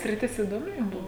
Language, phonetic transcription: Lithuanian, sriˈtis idoˈmi ˈjum ˈbuvo

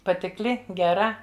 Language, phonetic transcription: Lithuanian, patikˈli geˈra

